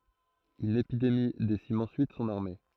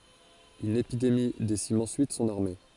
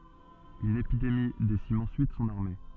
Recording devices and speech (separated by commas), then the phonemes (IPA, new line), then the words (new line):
throat microphone, forehead accelerometer, soft in-ear microphone, read sentence
yn epidemi desim ɑ̃syit sɔ̃n aʁme
Une épidémie décime ensuite son armée.